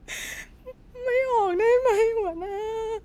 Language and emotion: Thai, sad